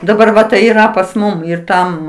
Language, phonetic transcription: Lithuanian, daˈbar ˈva tai yˈra pas ˈmum ir ˈtam

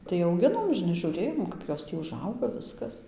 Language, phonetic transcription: Lithuanian, tai auˈginom žiˈnai žūˈrėjom ˈkap jos ˈtį uˈžauga ˈviskas

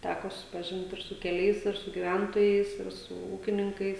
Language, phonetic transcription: Lithuanian, ˈtæko susipaˈžint ir su keˈliais ir su giˈventojais ir su ˈūkininkais

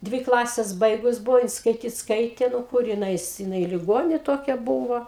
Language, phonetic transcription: Lithuanian, ˈdvi ˈklases ˈbaigus ˈbuvo jin skaiˈtyt ˈskaitė ˈnu ˈkur jin ˈais jiˈnai liˈgonė ˈtokia ˈbūvo

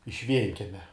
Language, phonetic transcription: Lithuanian, iš ˈvienkemia

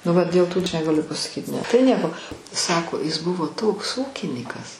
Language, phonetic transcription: Lithuanian, nu ˈva dėl ˈtų ˈaš negaˈliu pasaˈkyt ˈne tai ˈnieko ˈsako is ˈbuvo ˈtoks ˈūkinykas

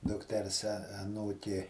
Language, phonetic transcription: Lithuanian, dukˈters aˈnūkė

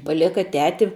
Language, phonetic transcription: Lithuanian, paˈleka ˈteti

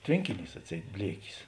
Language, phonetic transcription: Lithuanian, ˈtvėnkiˌnys atˈseit ˈbliekis

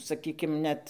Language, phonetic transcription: Lithuanian, saˈkykim ˈnet

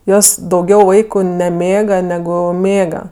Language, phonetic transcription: Lithuanian, ˈjos dauˈgiau ˈvaiku neˈmėga neˈgu ˈmėga

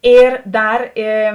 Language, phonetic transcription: Lithuanian, ˈir ˈdar ė

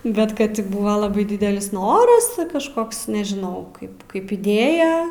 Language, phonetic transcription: Lithuanian, ˈbet ˈkad ti ˈbuva ˈlabai ˈdidelis ˈnoras ti kažˈkoks nežiˈnau ˈkaip kaip iˈdėja

